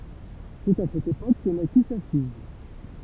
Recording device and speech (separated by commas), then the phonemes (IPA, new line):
temple vibration pickup, read sentence
sɛt a sɛt epok kə naki sa fij